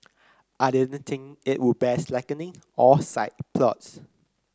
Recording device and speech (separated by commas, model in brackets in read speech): close-talking microphone (WH30), read sentence